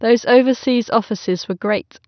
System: none